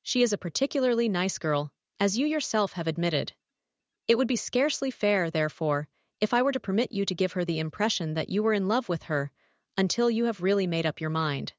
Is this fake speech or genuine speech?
fake